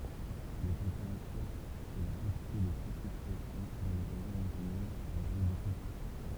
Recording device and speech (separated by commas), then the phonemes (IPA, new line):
temple vibration pickup, read sentence
le tɑ̃peʁatyʁz e la kɑ̃tite də pʁesipitasjɔ̃ dɑ̃ le ʁeʒjɔ̃ mɔ̃taɲøz vaʁi boku